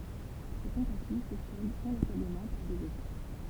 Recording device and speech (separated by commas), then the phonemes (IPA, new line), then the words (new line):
temple vibration pickup, read sentence
se tɑ̃tativ sə sɔldt ɛ̃lasabləmɑ̃ paʁ dez eʃɛk
Ses tentatives se soldent inlassablement par des échecs.